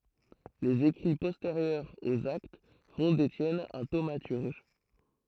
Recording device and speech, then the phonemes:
throat microphone, read sentence
lez ekʁi pɔsteʁjœʁz oz akt fɔ̃ detjɛn œ̃ tomatyʁʒ

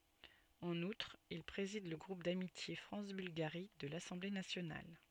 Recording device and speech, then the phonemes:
soft in-ear microphone, read sentence
ɑ̃n utʁ il pʁezid lə ɡʁup damitje fʁɑ̃s bylɡaʁi də lasɑ̃ble nasjonal

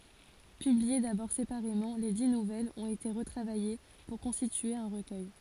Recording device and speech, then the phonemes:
forehead accelerometer, read sentence
pyblie dabɔʁ sepaʁemɑ̃ le di nuvɛlz ɔ̃t ete ʁətʁavaje puʁ kɔ̃stitye œ̃ ʁəkœj

